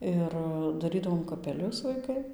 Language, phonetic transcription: Lithuanian, ˈir daˈrydavom kapeˈlius vaiˈkai

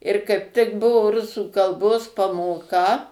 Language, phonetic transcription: Lithuanian, ir kaip tik ˈbuvo ˈrusų kalˈbos pamoˈka

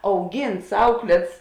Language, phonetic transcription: Lithuanian, auˈgynts ˈauklėts

